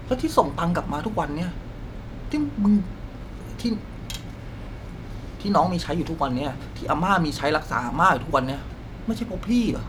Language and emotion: Thai, frustrated